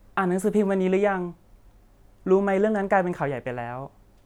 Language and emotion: Thai, neutral